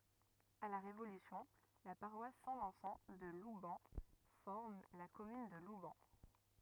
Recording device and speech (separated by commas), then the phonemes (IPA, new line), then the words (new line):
rigid in-ear microphone, read sentence
a la ʁevolysjɔ̃ la paʁwas sɛ̃ vɛ̃sɑ̃ də lubɛn fɔʁm la kɔmyn də lubɛn
À la Révolution, la paroisse Saint-Vincent de Loubens forme la commune de Loubens.